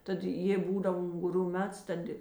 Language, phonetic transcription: Lithuanian, ˈtad ˈjėi ˈbūdav unguˈrių ˈmets ˈtad i

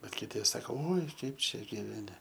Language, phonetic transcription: Lithuanian, bet kiˈti ˈsako oi ˈkaip ˈčia gyveˈni

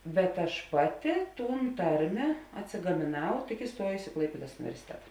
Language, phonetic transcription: Lithuanian, bet aš ˈpaˌti ˈtūn ˈtarmė atsigamėˈnau tik iˈstuojusi i ˈklaipėdas universiˈteta

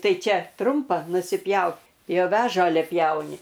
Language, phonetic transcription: Lithuanian, ˈtai ˈčia ˈtrumpa nusiˈpjau jau ˈve ˈžalia ˈpjauni

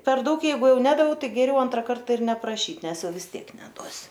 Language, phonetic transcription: Lithuanian, per ˈdaug ˈjeigu ˈjau ˈnedaviau ˈtai geˈriau ˈantra ˈkarta ir nepraˈšyt ˈnes ˈjau vis ˈtiek neˈduosiu

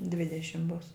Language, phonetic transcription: Lithuanian, ˈdvidešim bus

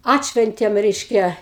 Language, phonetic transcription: Lithuanian, ˈatšventėm reišˈkia

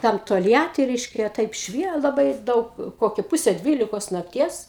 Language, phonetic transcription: Lithuanian, ˈtam tolˈjati ˈreiškia ˈtaip ˈšvie laˈbai ˈdaug ˈkoki ˈpuse ˈdvylikos nakˈties

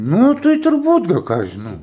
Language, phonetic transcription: Lithuanian, ˈnu tai turˈbūt gal ˈką aš žiˈnau

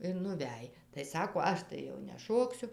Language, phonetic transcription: Lithuanian, ir nuˈvæj tai ˈsako ˈaš tai jau neˈšoksiu

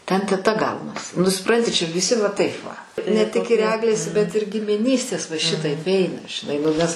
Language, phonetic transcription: Lithuanian, ˈten teˈta ˈgaunas nu suˈpranti ˈčia viˈsi va ˈtaip va ne ˈtik ir ˈeglės bet ir gimiˈnystės va ˈšitaip ˈeina žiˈnai nu ˈnes

